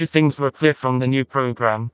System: TTS, vocoder